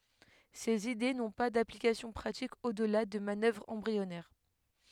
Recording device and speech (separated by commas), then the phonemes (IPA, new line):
headset microphone, read sentence
sez ide nɔ̃ pa daplikasjɔ̃ pʁatik odla də manœvʁz ɑ̃bʁiɔnɛʁ